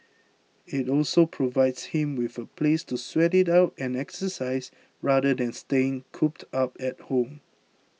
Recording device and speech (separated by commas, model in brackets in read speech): mobile phone (iPhone 6), read sentence